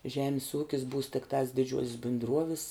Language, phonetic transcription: Lithuanian, ˈžemis ˈūkis būs tikˈtas diˈdžiuosis bindˈruovis

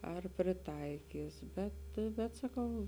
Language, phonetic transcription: Lithuanian, ar priˈtaikys ˈbet bet saˈkau

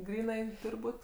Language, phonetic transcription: Lithuanian, ˈgrynai ˈtūr' ˈbūt'

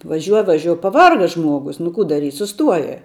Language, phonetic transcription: Lithuanian, vaˈžiuo vaˈžiuo paˈvarga ˈžmuogus nu ˈkų daˈryt' suˈstuoja

